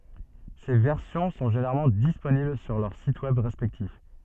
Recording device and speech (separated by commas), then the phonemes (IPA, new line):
soft in-ear microphone, read sentence
se vɛʁsjɔ̃ sɔ̃ ʒeneʁalmɑ̃ disponibl syʁ lœʁ sit wɛb ʁɛspɛktif